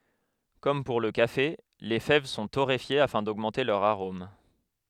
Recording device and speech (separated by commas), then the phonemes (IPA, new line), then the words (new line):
headset microphone, read sentence
kɔm puʁ lə kafe le fɛv sɔ̃ toʁefje afɛ̃ doɡmɑ̃te lœʁ aʁom
Comme pour le café, les fèves sont torréfiées afin d'augmenter leur arôme.